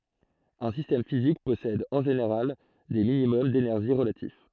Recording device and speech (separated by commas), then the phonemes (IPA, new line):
throat microphone, read sentence
œ̃ sistɛm fizik pɔsɛd ɑ̃ ʒeneʁal de minimɔm denɛʁʒi ʁəlatif